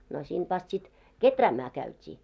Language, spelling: Finnish, no siitä vasta sitten kehräämään käytiin
- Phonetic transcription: no sint vast sit , "keträämää 'käyt́ii .

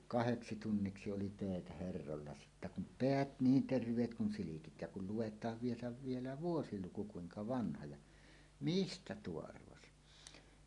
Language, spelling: Finnish, kahdeksi tunniksi oli töitä herroilla sitten kun päät niin terveet kun silkit ja kun luetaan vielä vielä vuosiluku kuinka vanha ja mistä tuo arvasi
- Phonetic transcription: kaheksi "tunniksi 'oli "tö̀etä "herrolla sittä kum "peät 'niin "terv̀eet 'kun 'silikit ja kul 'luwet̀aav vielä vielä "vuosiluku 'kuiŋka "vanha ja , » "mistä 'tuo 'arvasi « .

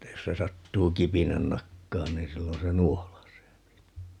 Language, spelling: Finnish, että jos se sattuu kipinän nakkaamaan niin silloin se nuolaisee niin
- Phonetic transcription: että 'jos se 'sattuu "kipinän 'nakkaan niin 'sillon se "nuolasee (ni) .

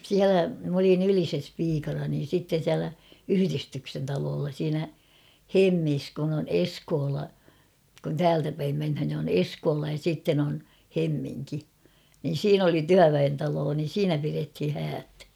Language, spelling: Finnish, siellä minä olin Ylisessä piikana niin sitten siellä yhdistyksen talolla siinä Hemmissä kun on Eskola kun täältä päin mennään niin on Eskola ja sitten on Hemminki niin siinä oli työväentalo niin siinä pidettiin häät
- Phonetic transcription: siälä , m ‿olin ‿"Ylises 'piikana niin̬ sitten̬ 'siälä , 'yhyristyksen taloolla siinä , "Hemmis kun ‿on "Eskoola , kun "täältä päim menhän ni on "Eskoola ja 'sìtten ‿on , 'Hemmiŋki , niin̬ "siin ‿oli 'tyäväentaloo niin̬ "siinä pirethi 'häät .

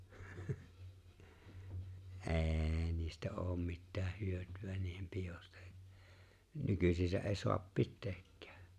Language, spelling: Finnish, ei niistä ole mitään hyötyä niiden pidosta nykyään ei saa pitääkään
- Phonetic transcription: ’e̬ niistä '’oom mittääh 'hyöty₍ä niihem 'piʲosta , 'nykysisä’ '’e̬e soap "pitteekkᴀ̈ᴀ̈ .

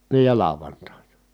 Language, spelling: Finnish, niin ja lauantaina
- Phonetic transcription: nii ja làovantàina .

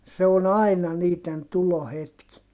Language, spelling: Finnish, se on aina niiden tulohetki
- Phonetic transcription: se on ‿ai̮na niit̀en tulohetki .

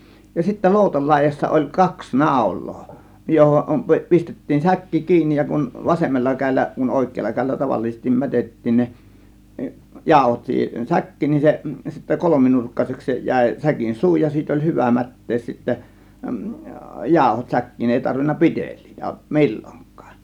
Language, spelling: Finnish, ja sitten loutan laidassa oli kaksi naulaa johon - pistettiin säkki kiinni ja kun vasemmalla kädellä kun oikealla kädellä tavallisesti mätettiin ne jauhot siihen säkkiin niin se sitten kolminurkkaiseksi se jäi säkin suu ja siitä oli hyvä mättää sitten jauhot säkkiin ei tarvinnut pitelijöitä milloinkaan
- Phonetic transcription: ja sittä 'lòutal 'làėjassa oĺ 'kaks "nàȯl̆loo , 'johom 'pi- , 'pistettiin "säkki "kiinnij ja kun , 'vasemmalla 'käėllä , kun 'òėk̆keella 'kä̀ėllä tavallisestim 'mätet̀tiin ne , "jàȯhot siihen "säk̀kiin nin se , sittä 'kolominurkkaseks se 'jä̀ė 'säkin "suu ja 'siit ‿oĺ "hyvä 'mät̀tees sittä , 'jàȯhot 'säkkiin 'èi tarvinna "pi̬teĺ̆liitÄ "mi̬l͕l͕oŋk̆kAAN .

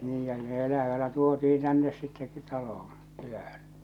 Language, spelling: Finnish, niinhän ne elävänä tuotiin tänne sitten taloon kylään
- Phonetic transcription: 'niihän ne elävänä tuoti₍iḭ 'tännes sitte , 'talohoo̰ , 'kylähän .

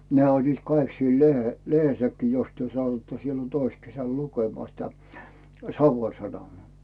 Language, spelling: Finnish, ne olivat kaikki siellä lehdessäkin jos te satuitte silloin toissa kesällä lukemaan sitä Savon Sanomia
- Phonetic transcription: nᵉä̀ oĺliit 'kaik siel "lehehessäkkii jos työ satuⁱtta 'sillon "tois 'kesäl 'lukemᵒà sitä , "Savon 'Sanomᵒà .

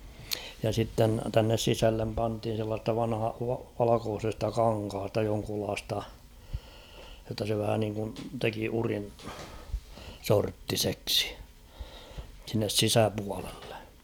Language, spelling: Finnish, ja sitten tänne sisälle pantiin sellaisesta - - valkoisesta kankaasta jonkunlaista jotta se vähä niin kuin teki udin sorttiseksi sinne sisäpuolelle
- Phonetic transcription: ja sitten 'tännes 'sisällem panthin̬ sellaa[se]sta vanha- va- 'valakoosesta 'kaŋkhasta joŋkulaasta , jotta se vähä niŋkun 'teki urin , 'sorttiseksɪ , sinnes "sisäpualellᴇ .

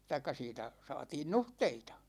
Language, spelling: Finnish, tai siitä saatiin nuhteita
- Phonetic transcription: taik̆ka 'siitä , 'sa̭a̭tiin "nuhteita .

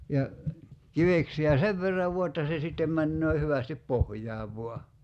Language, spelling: Finnish, ja kiveksiä sen verran vain että se sitten menee hyvästi pohjaan vain
- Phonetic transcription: ja 'kiveksi₍ä "sev verrav 'vua että se 'sittem 'männöö 'hyvästip "pohj̀aav voa .

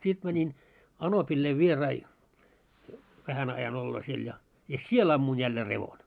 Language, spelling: Finnish, sitten - niin anopille vieraita vähän ajan oloon siellä ja ja siellä ammuin jälleen revon
- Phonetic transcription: 'sit mä- nin , 'anopillei "vierai , 'vähän ajan olloo 'siel ja , ja "siel ammun 'jällee 'revon .

